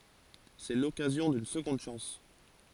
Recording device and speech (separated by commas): forehead accelerometer, read sentence